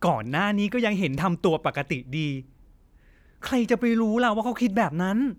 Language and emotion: Thai, frustrated